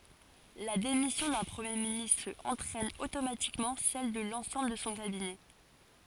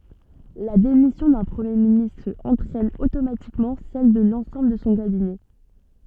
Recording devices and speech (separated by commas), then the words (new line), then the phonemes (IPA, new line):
forehead accelerometer, soft in-ear microphone, read sentence
La démission d'un Premier ministre entraîne automatiquement celle de l'ensemble de son Cabinet.
la demisjɔ̃ dœ̃ pʁəmje ministʁ ɑ̃tʁɛn otomatikmɑ̃ sɛl də lɑ̃sɑ̃bl də sɔ̃ kabinɛ